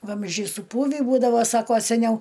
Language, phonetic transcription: Lithuanian, ˈvamzdžiai suˈpūvį ˈbūdavo ˈsako seˈniau

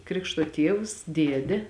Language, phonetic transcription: Lithuanian, ˈkrikšto ˈtievs ˈdiede

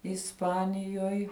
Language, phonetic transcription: Lithuanian, isˈpanijoj

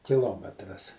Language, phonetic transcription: Lithuanian, kiˈlometras

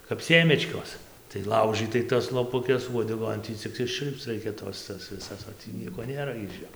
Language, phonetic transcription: Lithuanian, kap ˈsėmečkos tai ˈlaužɨtai tas lopuˈkes uodeˈgon ˈtį cik išˈčiul'pc ˈraikia ˈtos ˈtas viˈsas o ˈtį ˈnieko ˈnėra iž ˈjo

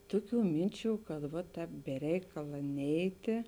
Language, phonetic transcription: Lithuanian, ˈtuˌkių ˈminˌčių kad ˈva ˈtēp be ˈreikala ˈneitėˈ

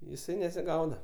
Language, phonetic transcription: Lithuanian, jiˈsai nesiˈgauda

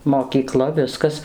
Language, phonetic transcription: Lithuanian, mokyˈkla ˈviskas

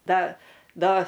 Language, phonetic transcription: Lithuanian, ˈda ˈda

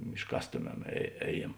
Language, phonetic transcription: Lithuanian, išˈkastoˌmem e ˈēˌjiem

